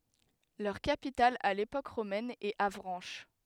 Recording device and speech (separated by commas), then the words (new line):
headset microphone, read sentence
Leur capitale à l'époque romaine est Avranches.